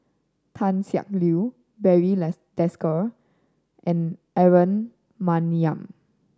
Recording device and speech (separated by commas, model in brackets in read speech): standing microphone (AKG C214), read sentence